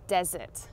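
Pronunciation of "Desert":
This is 'desert', the word for a dry place, not 'dessert'. The two sound nearly the same, but they are pronounced differently.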